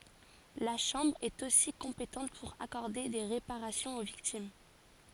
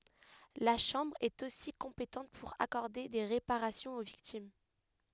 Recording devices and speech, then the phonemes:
forehead accelerometer, headset microphone, read sentence
la ʃɑ̃bʁ ɛt osi kɔ̃petɑ̃t puʁ akɔʁde de ʁepaʁasjɔ̃z o viktim

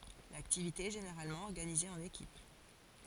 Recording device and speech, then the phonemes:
forehead accelerometer, read sentence
laktivite ɛ ʒeneʁalmɑ̃ ɔʁɡanize ɑ̃n ekip

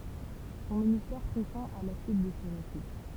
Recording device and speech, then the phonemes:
temple vibration pickup, read sentence
sɔ̃ ministɛʁ pʁi fɛ̃ a la syit də sə ʁəfy

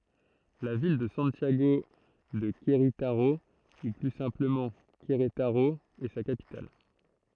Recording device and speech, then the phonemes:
throat microphone, read sentence
la vil də sɑ̃tjaɡo də kʁetaʁo u ply sɛ̃pləmɑ̃ kʁetaʁo ɛ sa kapital

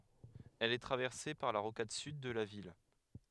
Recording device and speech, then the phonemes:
headset microphone, read sentence
ɛl ɛ tʁavɛʁse paʁ la ʁokad syd də la vil

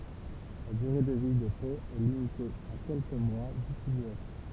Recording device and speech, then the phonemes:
temple vibration pickup, read sentence
la dyʁe də vi de poz ɛ limite a kɛlkə mwa dytilizasjɔ̃

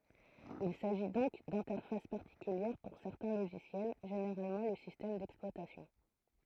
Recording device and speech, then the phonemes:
throat microphone, read sentence
il saʒi dɔ̃k dɛ̃tɛʁfas paʁtikyljɛʁ puʁ sɛʁtɛ̃ loʒisjɛl ʒeneʁalmɑ̃ lə sistɛm dɛksplwatasjɔ̃

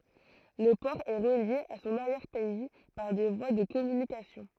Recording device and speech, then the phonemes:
throat microphone, read sentence
lə pɔʁ ɛ ʁəlje a sɔ̃n aʁjɛʁ pɛi paʁ de vwa də kɔmynikasjɔ̃

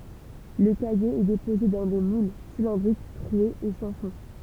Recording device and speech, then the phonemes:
temple vibration pickup, read sentence
lə kaje ɛ depoze dɑ̃ de mul silɛ̃dʁik tʁwez e sɑ̃ fɔ̃

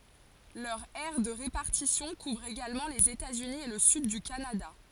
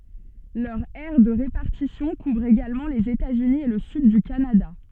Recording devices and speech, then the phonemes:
forehead accelerometer, soft in-ear microphone, read sentence
lœʁ ɛʁ də ʁepaʁtisjɔ̃ kuvʁ eɡalmɑ̃ lez etaz yni e lə syd dy kanada

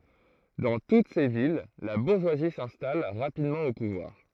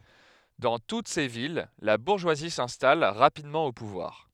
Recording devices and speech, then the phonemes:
throat microphone, headset microphone, read sentence
dɑ̃ tut se vil la buʁʒwazi sɛ̃stal ʁapidmɑ̃ o puvwaʁ

